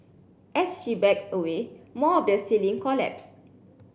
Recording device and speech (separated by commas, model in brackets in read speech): boundary microphone (BM630), read sentence